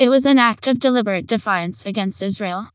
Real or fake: fake